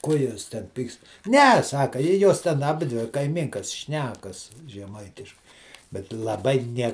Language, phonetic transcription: Lithuanian, ˈko ˈjuos ten ˈpykst ˈne ˈsaka i ˈjos ten aˈbidvi kaiˈmynkas ˈšnekas žeˈmaitiškai bet laˈbai ˈnie

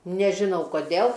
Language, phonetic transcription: Lithuanian, nežiˈnau koˈdėl

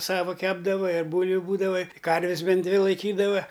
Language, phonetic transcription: Lithuanian, ˈsava ˈkepdava ir ˈbūlviu ˈbūdava ˈkarvis ˈbent ˈdvi laiˈkydava

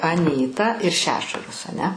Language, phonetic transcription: Lithuanian, aˈnyta ir ˈšešuras aˈne

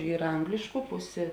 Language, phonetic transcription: Lithuanian, ˈyra ˈanglišku ˈpusė

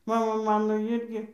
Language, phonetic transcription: Lithuanian, ˈmama ˈmano ˈirgi

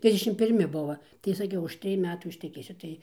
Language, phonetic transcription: Lithuanian, ˈtrisdešim pirˈmi ˈbuva tai saˈkiau už ˈtrij ˈmetų išteˈkėsiu ˈtai

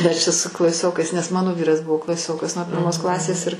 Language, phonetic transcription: Lithuanian, ˈmes čia su klaˈsiokais nes ˈmano ˈvyras ˈbuvo klaˈsiokas nuo pirˈmos ˈklasės ir

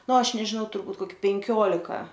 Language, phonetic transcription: Lithuanian, ˈnu ˈaš nežiˈnau turˈbūt koˈki penˈkiolika

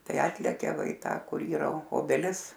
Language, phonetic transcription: Lithuanian, ˈtai ˈatlekia ˈva i ˈtą ˈkur ˈyra o obeˈlis

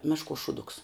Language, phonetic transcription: Lithuanian, ˈmešˌkuos šūˈduks

